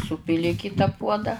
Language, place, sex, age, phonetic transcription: Lithuanian, Žemaitija, female, 60+, ˈsūpili i ˈkita ˈpuoda

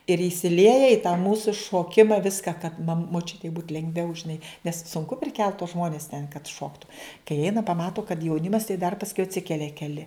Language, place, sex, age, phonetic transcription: Lithuanian, Žemaitija, female, 60+, ir įsiˈlieja i tą ˈmūsu šoˈkima ˈviska kad ma moˈčiutei būt lengˈviau žiˈnai nes sunˈku priˈkelt tuos ˈžmones ten kad ˈšoktu kai ˈeina paˈmatu kad jauˈnimas tai dar pasˈkui atˈsikelia keˈli

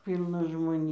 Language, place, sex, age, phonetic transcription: Lithuanian, Dzūkija, female, 60+, ˈpylna žmoˈnė

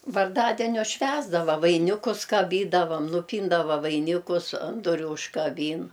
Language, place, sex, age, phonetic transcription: Lithuanian, Aukštaitija, female, 60+, varˈdadenius ˈšvęsdava vaiˈnikus kaˈbydavam nuˈpyndava vaiˈnikus an ˈduriu užkaˈbyn

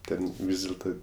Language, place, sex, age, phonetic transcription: Lithuanian, Aukštaitija, male, 18-60, ˈten ˈvys dilˈta

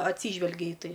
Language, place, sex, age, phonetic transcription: Lithuanian, Aukštaitija, female, 18-60, atˈsyžvelge į ˈtai

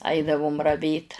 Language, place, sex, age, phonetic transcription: Lithuanian, Žemaitija, female, 60+, ˈaidavum raˈvėt

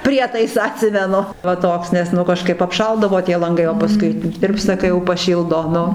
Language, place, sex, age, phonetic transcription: Lithuanian, Dzūkija, female, 60+, ˈprietaisą aˈtsimenu va ˈtoks nes ˈnu kaˈžkaip apˈšaldavo tie lanˈgai o paˈskui ˈtirpsta kai jau paˈšyldo ˈnu

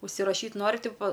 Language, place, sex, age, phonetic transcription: Lithuanian, Aukštaitija, female, 18-60, užsiraˈšyt ˈnori ˈtipo

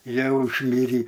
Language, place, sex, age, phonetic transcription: Lithuanian, Aukštaitija, male, 60+, ˈjau išˈmirį

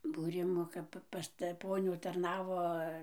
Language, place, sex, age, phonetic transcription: Lithuanian, Dzūkija, female, 60+, būˈrimų ˈkap pas ta ˈponių tarˈnavo

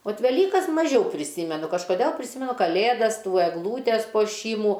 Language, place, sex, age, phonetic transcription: Lithuanian, Aukštaitija, female, 60+, ot veˈlykas maˈžiau priˈsymenu kažkoˈdel priˈsimenu kaˈlėdas ˈtų egˈlūtes puoˈšymų

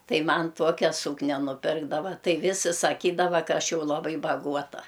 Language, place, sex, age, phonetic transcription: Lithuanian, Aukštaitija, female, 60+, ˈtai ˈman ˈtuokia ˈsūknia nuˈpirkdava ˈtai ˈvisi saˈkydava ˈka ˈaš ˈjau laˈbai baˈguota

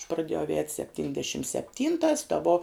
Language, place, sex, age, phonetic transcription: Lithuanian, Žemaitija, female, 18-60, aš praˈdėjau ˈēt' sepˈtyndešim sepˈtyntas ta vo

